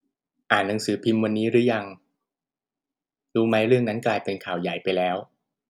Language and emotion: Thai, neutral